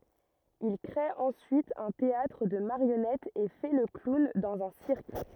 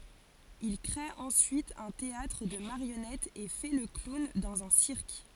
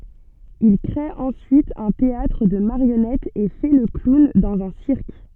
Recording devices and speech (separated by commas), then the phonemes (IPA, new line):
rigid in-ear microphone, forehead accelerometer, soft in-ear microphone, read sentence
il kʁe ɑ̃syit œ̃ teatʁ də maʁjɔnɛtz e fɛ lə klun dɑ̃z œ̃ siʁk